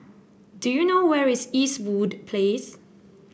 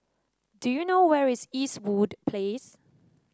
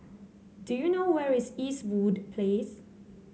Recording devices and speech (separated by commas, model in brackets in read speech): boundary microphone (BM630), standing microphone (AKG C214), mobile phone (Samsung C7), read sentence